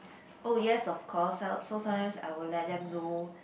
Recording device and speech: boundary microphone, conversation in the same room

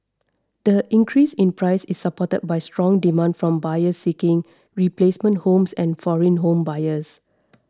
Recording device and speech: standing microphone (AKG C214), read sentence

